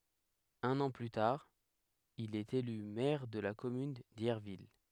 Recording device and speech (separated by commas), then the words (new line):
headset microphone, read sentence
Un an plus tard, il est élu maire de la commune d'Yerville.